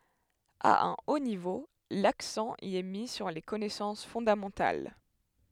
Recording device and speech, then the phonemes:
headset microphone, read sentence
a œ̃ o nivo laksɑ̃ i ɛ mi syʁ le kɔnɛsɑ̃s fɔ̃damɑ̃tal

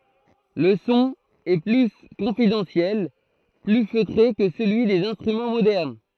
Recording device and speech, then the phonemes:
throat microphone, read sentence
lə sɔ̃ ɛ ply kɔ̃fidɑ̃sjɛl ply føtʁe kə səlyi dez ɛ̃stʁymɑ̃ modɛʁn

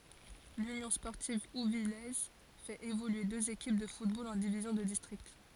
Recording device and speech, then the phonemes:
forehead accelerometer, read sentence
lynjɔ̃ spɔʁtiv uvijɛz fɛt evolye døz ekip də futbol ɑ̃ divizjɔ̃ də distʁikt

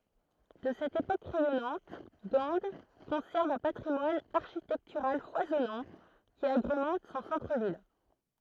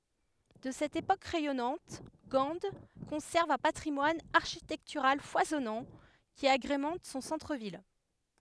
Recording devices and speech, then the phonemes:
throat microphone, headset microphone, read sentence
də sɛt epok ʁɛjɔnɑ̃t ɡɑ̃ kɔ̃sɛʁv œ̃ patʁimwan aʁʃitɛktyʁal fwazɔnɑ̃ ki aɡʁemɑ̃t sɔ̃ sɑ̃tʁ vil

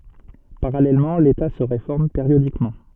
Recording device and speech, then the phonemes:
soft in-ear microphone, read sentence
paʁalɛlmɑ̃ leta sə ʁefɔʁm peʁjodikmɑ̃

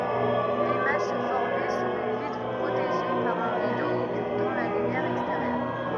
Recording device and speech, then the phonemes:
rigid in-ear microphone, read sentence
limaʒ sə fɔʁmɛ syʁ yn vitʁ pʁoteʒe paʁ œ̃ ʁido ɔkyltɑ̃ la lymjɛʁ ɛksteʁjœʁ

